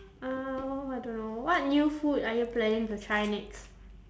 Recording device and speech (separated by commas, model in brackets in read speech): standing microphone, conversation in separate rooms